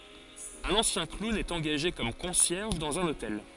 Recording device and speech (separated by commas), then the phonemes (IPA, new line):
forehead accelerometer, read sentence
œ̃n ɑ̃sjɛ̃ klun ɛt ɑ̃ɡaʒe kɔm kɔ̃sjɛʁʒ dɑ̃z œ̃n otɛl